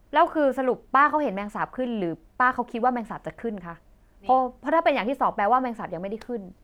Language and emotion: Thai, frustrated